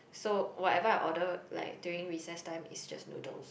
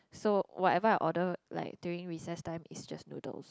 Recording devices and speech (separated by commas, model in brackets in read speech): boundary microphone, close-talking microphone, conversation in the same room